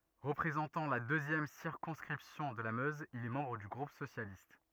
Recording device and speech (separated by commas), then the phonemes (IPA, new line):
rigid in-ear microphone, read sentence
ʁəpʁezɑ̃tɑ̃ la døzjɛm siʁkɔ̃skʁipsjɔ̃ də la møz il ɛ mɑ̃bʁ dy ɡʁup sosjalist